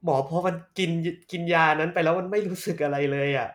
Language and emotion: Thai, frustrated